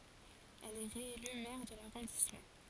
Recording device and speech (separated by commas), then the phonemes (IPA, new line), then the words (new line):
forehead accelerometer, read sentence
ɛl ɛ ʁeely mɛʁ də laʁɔ̃dismɑ̃
Elle est réélue maire de l'arrondissement.